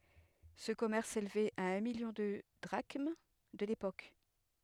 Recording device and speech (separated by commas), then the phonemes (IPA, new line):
headset microphone, read sentence
sə kɔmɛʁs selvɛt a œ̃ miljɔ̃ də dʁaʃm də lepok